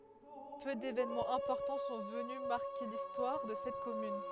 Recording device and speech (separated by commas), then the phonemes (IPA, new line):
headset microphone, read sentence
pø devenmɑ̃z ɛ̃pɔʁtɑ̃ sɔ̃ vəny maʁke listwaʁ də sɛt kɔmyn